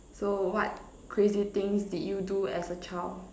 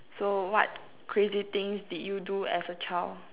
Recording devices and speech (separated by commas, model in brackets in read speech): standing microphone, telephone, conversation in separate rooms